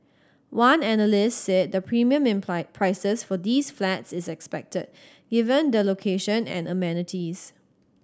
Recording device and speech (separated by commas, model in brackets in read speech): standing microphone (AKG C214), read sentence